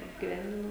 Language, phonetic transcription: Lithuanian, apgyˈvendino

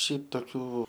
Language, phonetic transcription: Lithuanian, ˈšiaip toˈkių

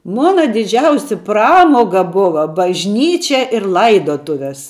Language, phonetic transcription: Lithuanian, ˈmona diˈdžiausi ˈpramoga ˈbuva bažˈnyčia ir ˈlaidotuves

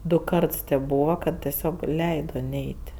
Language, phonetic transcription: Lithuanian, ˈdu ˈkarts tėp ˈbūva kad teˈsiog ˈleido ˈneit'

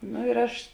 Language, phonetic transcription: Lithuanian, no ir ˈaš

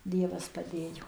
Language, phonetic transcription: Lithuanian, ˈdievas paˈdėjo

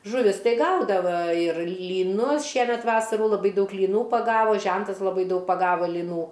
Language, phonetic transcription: Lithuanian, žuˈvis ˈtai ˈgaudava ir lyˈnus ˈšiemet ˈvasarų laˈbai ˈdaug lyˈnų paˈgavo ˈžentas laˈbai ˈdaug paˈgava lyˈnų

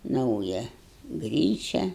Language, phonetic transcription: Lithuanian, ˈnauja ˈgryčia

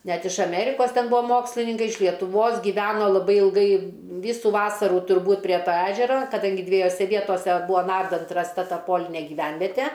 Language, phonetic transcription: Lithuanian, ˈnet iš aˈmerikos ˈten ˈbua ˈmokslininkai iš lietuˈvos gyˈveno laˈbai ilˈgai ˈvysu ˈvasarų turˈbūt prieˈ to ˈežera kaˈdangi dviejoˈse ˈvietose ˈbūa ˈnardant rasˈta ˈta ˈpolinė giˈvenvete

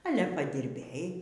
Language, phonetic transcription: Lithuanian, ˈale padirˈbėj

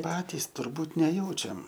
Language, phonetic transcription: Lithuanian, ˈpatys turˈbūt neˈjaučiam

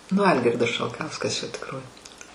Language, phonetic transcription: Lithuanian, nu ˈalgirdas šalˈkauskas čia tikˈroj

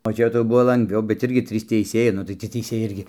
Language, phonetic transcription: Lithuanian, o ˈčia tai ˈbuvo langˈviau bet ˈirgi ˈtrys teiˈsėjai ˈnu tai tie teiˈsėjai ˈirgi

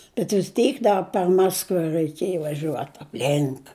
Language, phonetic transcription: Lithuanian, bet vis ˈteik ˈda per ˈmaskva ræiˈkėj vaˈžiuot apˈlink

